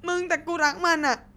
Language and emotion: Thai, sad